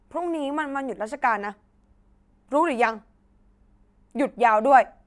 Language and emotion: Thai, angry